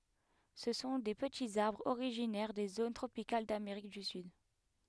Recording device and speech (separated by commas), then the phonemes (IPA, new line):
headset microphone, read sentence
sə sɔ̃ de pətiz aʁbʁz oʁiʒinɛʁ de zon tʁopikal dameʁik dy syd